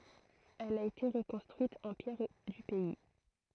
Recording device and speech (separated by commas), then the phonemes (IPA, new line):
throat microphone, read sentence
ɛl a ete ʁəkɔ̃stʁyit ɑ̃ pjɛʁ dy pɛi